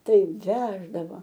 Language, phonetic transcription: Lithuanian, ˈtaip ˈveždava

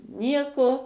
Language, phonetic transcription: Lithuanian, ˈnieko

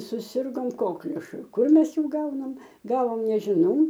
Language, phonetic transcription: Lithuanian, suˈsirgom ˈkokliušu ˈkur ˈmes ˈjų ˈgaunam ˈgavom nežiˈnau

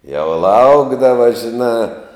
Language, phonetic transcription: Lithuanian, jau ˈlaukdava žiˈnā

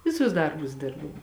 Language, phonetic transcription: Lithuanian, ˈviˌsus ˈdarbus ˈdirbau

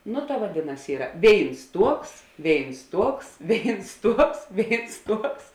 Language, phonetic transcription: Lithuanian, ˈnu ta vaˈdėˌnas ˈyra ˈvėins ˈtuoks ˈvėins ˈtuoks ˈvėins ˈtuoks ˈvėins ˈtuoks

